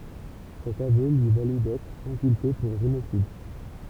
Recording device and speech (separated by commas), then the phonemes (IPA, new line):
temple vibration pickup, read sentence
sɛt avø lyi valy dɛtʁ ɛ̃kylpe puʁ ʒenosid